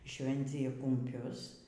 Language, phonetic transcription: Lithuanian, ˈšvencija kumˈpius

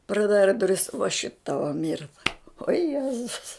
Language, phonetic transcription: Lithuanian, praˈdara duˈris va šit ˈtava ˈmirta o ˈjezus

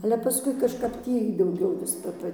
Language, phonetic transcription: Lithuanian, ale paˈskui kažˈkap ˈtį dauˈgiau vis ˈpa ˈpa

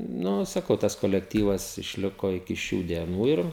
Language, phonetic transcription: Lithuanian, ˈnu saˈkau tas kolekˈtyvas išˈliko iki ˈšių dieˈnų ir

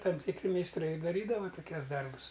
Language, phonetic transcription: Lithuanian, ˈtam tikˈri meisˈtrai i daˈrydava toˈkiuos ˈdarbus

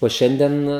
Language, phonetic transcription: Lithuanian, o ˈšiandien

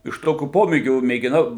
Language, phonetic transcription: Lithuanian, iš ˈtokių ˈpomėgių mėgiˈnau

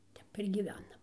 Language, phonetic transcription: Lithuanian, ˈtep ir gyˈvenam

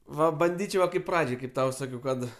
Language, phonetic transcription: Lithuanian, ˈva banˈdyčiau ˈva kaip ˈpradžiai kaip ˈtau ˈsakiau ˈkad

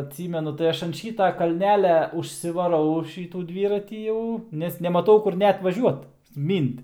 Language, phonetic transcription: Lithuanian, atˈsymenu tai ˈaš an ˈšyta kalˈnelia užsivaˈrau ˈšytų ˈdvyratį ˈjau nes nemaˈtau kur ˈnet vaˈžiuot ˈmynt

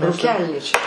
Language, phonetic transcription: Lithuanian, rūˈkelnyčia

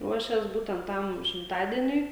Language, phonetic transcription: Lithuanian, ˈruošės ˈbūtent ˈtam šimˈtadieniui

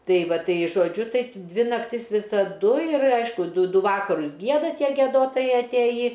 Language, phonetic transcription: Lithuanian, ˈtai ˈvat ˈtai žoˈdžiu ˈtai ˈdvi nakˈtis visaˈdu ir ˈaišku ˈdu ˈdu ˈvakarus ˈgieda ˈtie giedoˈtojai atˈėjį

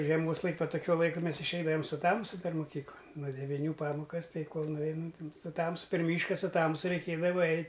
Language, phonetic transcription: Lithuanian, žieˈmos ˈlaik' ˈva toˈkiuo ˈlaiku ˈmes išˈeidavam su ˈtamsu ˈdar moˈkyklan nuo deviˈnių ˈpamokas ˈtai ˈkol nuˈveinam tam su ˈtamsu per ˈmyška su ˈtamsu reiˈkėdava ˈeit'

